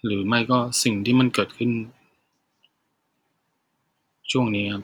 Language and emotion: Thai, sad